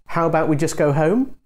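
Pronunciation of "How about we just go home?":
'How about we just go home' is said with a rising tone, so the suggestion sounds more like a real question, indirect and hesitant.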